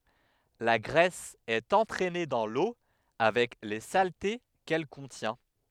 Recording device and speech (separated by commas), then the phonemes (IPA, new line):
headset microphone, read sentence
la ɡʁɛs ɛt ɑ̃tʁɛne dɑ̃ lo avɛk le salte kɛl kɔ̃tjɛ̃